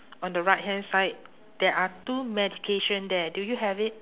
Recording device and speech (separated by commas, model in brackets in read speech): telephone, conversation in separate rooms